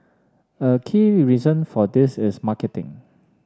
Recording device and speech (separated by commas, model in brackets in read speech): standing microphone (AKG C214), read sentence